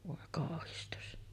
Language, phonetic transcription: Finnish, 'vòe kàohistus .
- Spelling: voi kauhistus

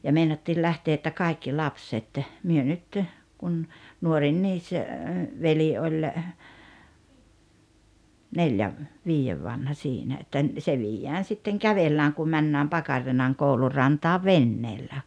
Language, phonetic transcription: Finnish, ja 'meinattiil 'lähtee että 'kaikki "lapset , 'myö nyt , 'kun , 'nuorinniis , 'veli oĺ , "neĺjä , 'vii₍ev vanha 'siinä että , se 'viijjään sitteŋ "kävellääŋ ku 'männääm "Pakarrin̳aŋ 'koulur̆ rantaa "venneellä .
- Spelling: ja meinattiin lähteä että kaikki lapset me nyt kun nuorin veli oli neljän viiden vanha siinä että se viedään sitten kävellään kun mennään Pakarilan koulun rantaan veneellä

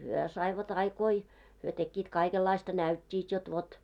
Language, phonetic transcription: Finnish, hyö saivat 'aikoi , hyö tekkiit 'kaikellaista 'näyt́t́iit jot vot ,.
- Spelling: he saivat aikoihin he tekivät kaikenlaista näyttivät jotta vot

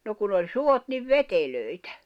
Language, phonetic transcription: Finnish, no kun ‿oĺ "suot niv "vetelö̀itᴀ̈ .
- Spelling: no kun oli suot niin veteliä

